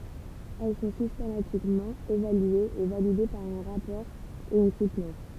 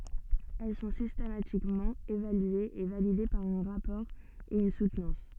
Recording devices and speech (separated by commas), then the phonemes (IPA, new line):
temple vibration pickup, soft in-ear microphone, read sentence
ɛl sɔ̃ sistematikmɑ̃ evalyez e valide paʁ œ̃ ʁapɔʁ e yn sutnɑ̃s